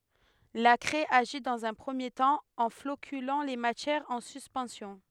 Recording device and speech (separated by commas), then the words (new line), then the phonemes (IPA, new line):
headset microphone, read sentence
La craie agit dans un premier temps, en floculant les matières en suspension.
la kʁɛ aʒi dɑ̃z œ̃ pʁəmje tɑ̃ ɑ̃ flokylɑ̃ le matjɛʁz ɑ̃ syspɑ̃sjɔ̃